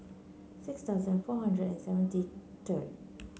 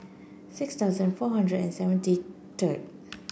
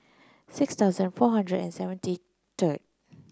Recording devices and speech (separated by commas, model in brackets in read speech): mobile phone (Samsung C9), boundary microphone (BM630), close-talking microphone (WH30), read sentence